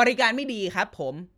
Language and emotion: Thai, frustrated